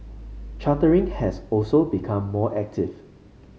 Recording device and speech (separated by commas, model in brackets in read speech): mobile phone (Samsung C5), read sentence